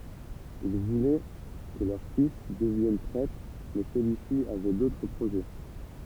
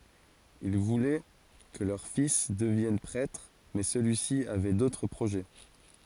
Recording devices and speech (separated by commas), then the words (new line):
temple vibration pickup, forehead accelerometer, read sentence
Ils voulaient que leur fils devienne prêtre, mais celui-ci avait d'autres projets.